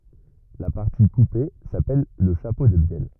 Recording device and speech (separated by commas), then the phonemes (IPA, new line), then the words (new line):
rigid in-ear microphone, read sentence
la paʁti kupe sapɛl lə ʃapo də bjɛl
La partie coupée s'appelle le chapeau de bielle.